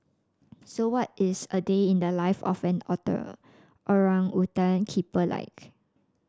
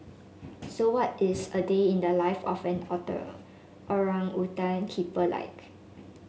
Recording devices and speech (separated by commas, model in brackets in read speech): standing microphone (AKG C214), mobile phone (Samsung S8), read sentence